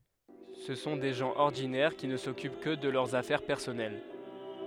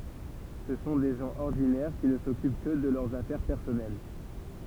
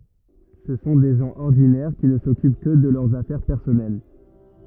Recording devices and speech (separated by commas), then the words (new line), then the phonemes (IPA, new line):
headset microphone, temple vibration pickup, rigid in-ear microphone, read sentence
Ce sont des gens ordinaires qui ne s'occupent que de leurs affaires personnelles.
sə sɔ̃ de ʒɑ̃ ɔʁdinɛʁ ki nə sɔkyp kə də lœʁz afɛʁ pɛʁsɔnɛl